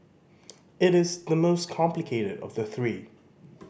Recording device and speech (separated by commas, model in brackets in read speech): boundary microphone (BM630), read sentence